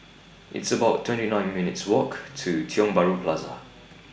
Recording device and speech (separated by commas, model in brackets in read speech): boundary microphone (BM630), read sentence